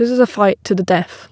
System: none